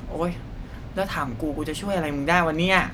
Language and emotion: Thai, frustrated